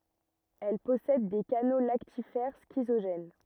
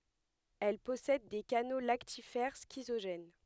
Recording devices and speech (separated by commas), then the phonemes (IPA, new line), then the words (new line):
rigid in-ear microphone, headset microphone, read sentence
ɛl pɔsɛd de kano laktifɛʁ skizoʒɛn
Elles possèdent des canaux lactifères schizogènes.